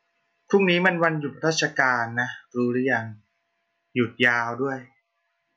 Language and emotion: Thai, neutral